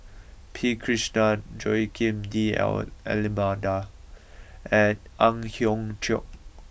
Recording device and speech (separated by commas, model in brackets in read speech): boundary microphone (BM630), read sentence